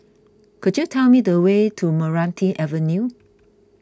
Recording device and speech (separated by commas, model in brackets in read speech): close-talking microphone (WH20), read sentence